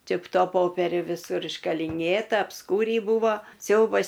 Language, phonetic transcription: Lithuanian, ˈči p ˈto ˈpoperiu viˈsur iškaliˈnėta apˈskūrį ˈbūvo ˈsiaubas

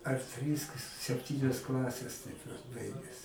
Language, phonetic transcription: Lithuanian, ar ˈtrys k sepˈtynias ˈklases ˈtaip vat ˈbaiges

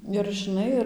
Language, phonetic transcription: Lithuanian, ir žiˈnai ir

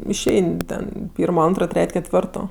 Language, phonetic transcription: Lithuanian, išˈein' ˈten ˈpyrmo ˈantro ˈtret' ketˈvirto

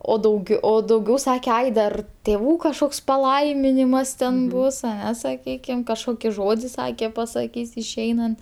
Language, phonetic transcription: Lithuanian, o dauˈgiau o dauˈgiau ˈsake ˈai dar tėˈvų kažˈkoks paˈlaiminimas ten ˈbus aˈne saˈkykim kažˈkoki ˈžodi ˈsake pasaˈkys išˈeinant

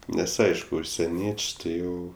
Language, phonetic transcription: Lithuanian, ˈnes ˈaišku užseˈnieč' ti ˈjau

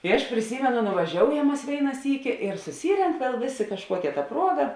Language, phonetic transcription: Lithuanian, i aš priˈsymenu nuvaˈžioujam ˈmas ˈvėina ˈsyki ir suˈsyrenk viel ˈvėˌsė kažˈkuokia ta ˈpruoga

